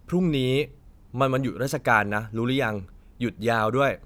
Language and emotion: Thai, neutral